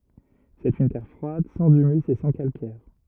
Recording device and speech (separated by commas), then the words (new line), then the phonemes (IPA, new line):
rigid in-ear microphone, read sentence
C'est une terre froide, sans humus et sans calcaire.
sɛt yn tɛʁ fʁwad sɑ̃z ymys e sɑ̃ kalkɛʁ